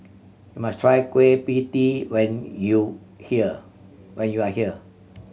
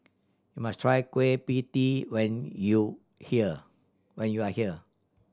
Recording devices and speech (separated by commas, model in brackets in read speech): mobile phone (Samsung C7100), standing microphone (AKG C214), read sentence